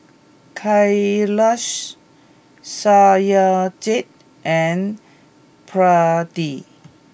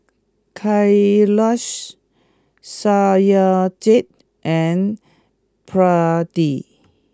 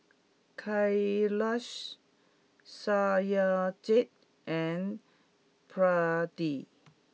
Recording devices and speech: boundary microphone (BM630), close-talking microphone (WH20), mobile phone (iPhone 6), read sentence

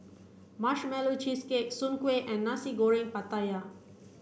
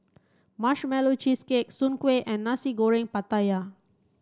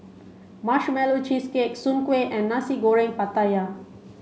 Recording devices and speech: boundary microphone (BM630), standing microphone (AKG C214), mobile phone (Samsung C5), read sentence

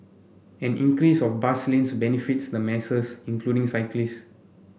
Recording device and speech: boundary microphone (BM630), read sentence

